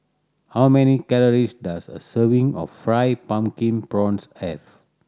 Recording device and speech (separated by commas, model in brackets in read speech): standing microphone (AKG C214), read sentence